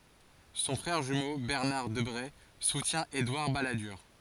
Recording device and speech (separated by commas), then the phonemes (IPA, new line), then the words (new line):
forehead accelerometer, read sentence
sɔ̃ fʁɛʁ ʒymo bɛʁnaʁ dəbʁe sutjɛ̃ edwaʁ baladyʁ
Son frère jumeau Bernard Debré soutient Édouard Balladur.